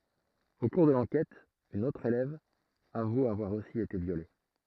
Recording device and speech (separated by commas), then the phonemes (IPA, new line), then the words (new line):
throat microphone, read sentence
o kuʁ də lɑ̃kɛt yn otʁ elɛv avu avwaʁ osi ete vjole
Au cours de l'enquête, une autre élève avoue avoir aussi été violée.